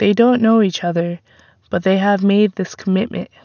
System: none